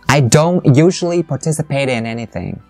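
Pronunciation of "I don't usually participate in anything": The word 'don't' is stressed. 'Participate in' is linked, and the t between 'participate' and 'in' changes to a d sound.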